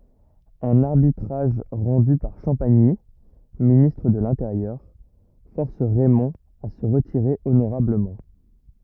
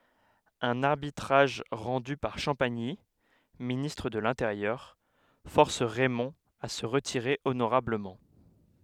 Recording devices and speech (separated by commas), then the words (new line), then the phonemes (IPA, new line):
rigid in-ear microphone, headset microphone, read sentence
Un arbitrage rendu par Champagny, ministre de l'Intérieur, force Raymond à se retirer honorablement.
œ̃n aʁbitʁaʒ ʁɑ̃dy paʁ ʃɑ̃paɲi ministʁ də lɛ̃teʁjœʁ fɔʁs ʁɛmɔ̃ a sə ʁətiʁe onoʁabləmɑ̃